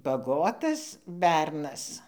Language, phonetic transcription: Lithuanian, baˈgotas ˈbernas

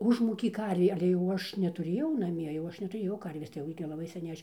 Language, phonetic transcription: Lithuanian, ˈužmūkė ˈkarvė ale ˈaš jau netuˈrėjau naˈmie jau ˈaš netuˈrėjau ˈkarvės tai ˈjau gi laˈbai seˈniai ˈaš

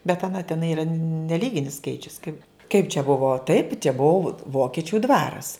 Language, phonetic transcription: Lithuanian, bet aˈna teˈnai yˈra neˈlyginis ˈskaičius kai kaip čia ˈbuvo taip čia ˈbuo ˈvokičiu ˈdvaras

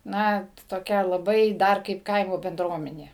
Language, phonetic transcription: Lithuanian, ˈna toˈkia laˈbai ˈdar kaip ˈkaimo benˈdruomenė

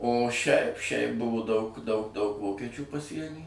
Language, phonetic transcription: Lithuanian, o šiaip šiaip ˈbuvu daug daug daug ˈvokečių paˈsieny

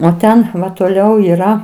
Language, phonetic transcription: Lithuanian, o ˈten toˈliau yˈra

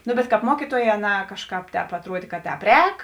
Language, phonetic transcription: Lithuanian, ˈnu bet kāp ˈmuokytuoˌjē aˈnā ˈkažˌkāp ˈtēp atˈruodė ka ˈtēp ˈrēk

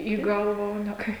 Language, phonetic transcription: Lithuanian, į ˈgalva o ne ˈkai

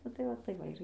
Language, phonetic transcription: Lithuanian, ˈnu tai ˈva tai ˈva ir

